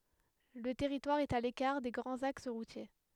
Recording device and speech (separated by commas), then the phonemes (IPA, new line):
headset microphone, read sentence
lə tɛʁitwaʁ ɛt a lekaʁ de ɡʁɑ̃z aks ʁutje